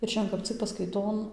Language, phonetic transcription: Lithuanian, ir ˈšian kap ˈcik paskaiˈton

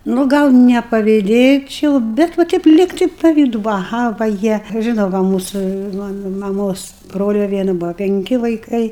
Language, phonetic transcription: Lithuanian, nu ˈgal nepaviˈdėčiau bet va ˈteip ˈlygtai paˈvydu vaˈha va ˈjie ˈžinau va ˈmūsu va maˈmos ˈbrolia ˈviena ˈbuo penˈki vaiˈkai

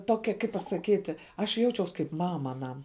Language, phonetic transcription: Lithuanian, ˈtokia kaip pasaˈkyti ˈaš ˈjaučiaus kaip ˈmama aˈnam

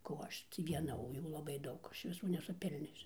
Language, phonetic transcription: Lithuanian, ko ˈaš ˈtį vieˈna o ˈjų laˈbai ˈdaug ˈaš viˈsų nesuˈpilniosiu

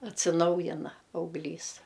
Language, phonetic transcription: Lithuanian, atsiˈnaujina auglˈys

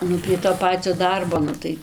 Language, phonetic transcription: Lithuanian, ˈnu prie to ˈpacio ˈdarbo ˈnu tai

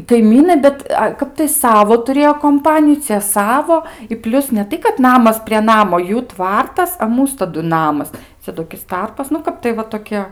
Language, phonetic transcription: Lithuanian, kaiˈmynai ˈbet ˈkap tai ˈsavo tuˈrėjo komˈpaniju ˈcie ˈsavo i ˈplius ne ˈtai kad ˈnamas prie ˈnamo ˈjų ˈtvartas a ˈmūs taˈdu ˈnamas ˈcia toˈkis ˈtarpas nu ˈkap tai va toˈkie

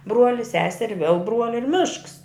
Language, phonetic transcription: Lithuanian, ˈbruoli ˈseseri viel ˈbruoli ir ˈmišks

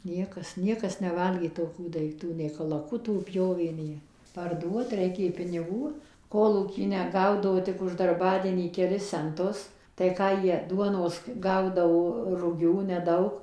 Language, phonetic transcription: Lithuanian, ˈniekas ˈniekas ˈnevalgė toˈkių daikˈtų nei kalaˈkuto ˈpjovė ˈnie parˈduot ˈreikė piniˈgų ˈkolūky neˈgaudavo tik už darˈbadienį keˈlis cenˈtus tai ˈką jie ˈduonos ˈgaudavo ruˈgių neˈdaug

